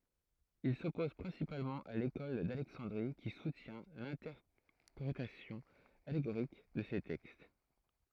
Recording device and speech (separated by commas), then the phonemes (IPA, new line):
throat microphone, read sentence
il sɔpoz pʁɛ̃sipalmɑ̃ a lekɔl dalɛksɑ̃dʁi ki sutjɛ̃ lɛ̃tɛʁpʁetasjɔ̃ aleɡoʁik də se tɛkst